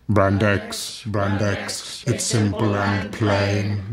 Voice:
monotone